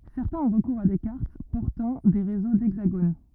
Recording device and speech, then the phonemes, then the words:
rigid in-ear microphone, read sentence
sɛʁtɛ̃z ɔ̃ ʁəkuʁz a de kaʁt pɔʁtɑ̃ de ʁezo dɛɡzaɡon
Certains ont recours à des cartes portant des réseaux d'hexagones.

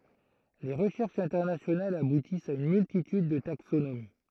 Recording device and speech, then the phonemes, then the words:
throat microphone, read sentence
le ʁəʃɛʁʃz ɛ̃tɛʁnasjonalz abutist a yn myltityd də taksonomi
Les recherches internationales aboutissent à une multitude de taxonomies.

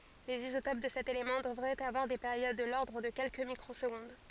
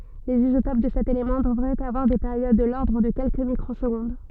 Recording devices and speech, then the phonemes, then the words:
forehead accelerometer, soft in-ear microphone, read sentence
lez izotop də sɛt elemɑ̃ dəvʁɛt avwaʁ de peʁjod də lɔʁdʁ də kɛlkə mikʁozɡɔ̃d
Les isotopes de cet élément devraient avoir des périodes de l'ordre de quelques microsecondes.

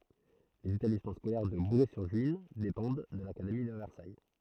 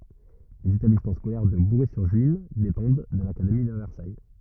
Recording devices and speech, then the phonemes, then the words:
throat microphone, rigid in-ear microphone, read sentence
lez etablismɑ̃ skolɛʁ də buʁɛzyʁʒyin depɑ̃d də lakademi də vɛʁsaj
Les établissements scolaires de Bouray-sur-Juine dépendent de l'académie de Versailles.

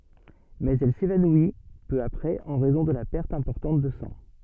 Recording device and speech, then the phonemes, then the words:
soft in-ear microphone, read sentence
mɛz ɛl sevanwi pø apʁɛz ɑ̃ ʁɛzɔ̃ də la pɛʁt ɛ̃pɔʁtɑ̃t də sɑ̃
Mais elle s'évanouit peu après en raison de la perte importante de sang.

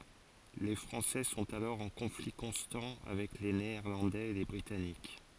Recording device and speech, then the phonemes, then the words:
forehead accelerometer, read sentence
le fʁɑ̃sɛ sɔ̃t alɔʁ ɑ̃ kɔ̃fli kɔ̃stɑ̃ avɛk le neɛʁlɑ̃dɛz e le bʁitanik
Les Français sont alors en conflit constant avec les Néerlandais et les Britanniques.

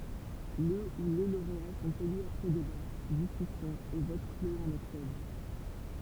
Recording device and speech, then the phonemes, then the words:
temple vibration pickup, read sentence
lə u le loʁea sɔ̃t ely apʁɛ deba diskysjɔ̃z e vot kloz ɑ̃n ɔktɔbʁ
Le ou les lauréats sont élus après débats, discussions et votes clos en octobre.

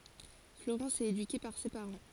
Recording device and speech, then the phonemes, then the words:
forehead accelerometer, read sentence
floʁɑ̃s ɛt edyke paʁ se paʁɑ̃
Florence est éduquée par ses parents.

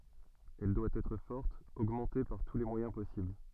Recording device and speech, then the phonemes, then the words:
soft in-ear microphone, read sentence
ɛl dwa ɛtʁ fɔʁt oɡmɑ̃te paʁ tu le mwajɛ̃ pɔsibl
Elle doit être forte, augmentée par tous les moyens possibles.

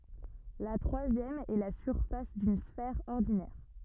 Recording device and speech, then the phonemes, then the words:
rigid in-ear microphone, read sentence
la tʁwazjɛm ɛ la syʁfas dyn sfɛʁ ɔʁdinɛʁ
La troisième est la surface d'une sphère ordinaire.

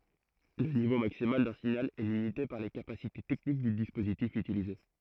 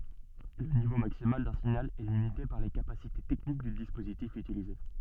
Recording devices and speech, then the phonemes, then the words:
throat microphone, soft in-ear microphone, read sentence
lə nivo maksimal dœ̃ siɲal ɛ limite paʁ le kapasite tɛknik dy dispozitif ytilize
Le niveau maximal d'un signal est limité par les capacités techniques du dispositif utilisé.

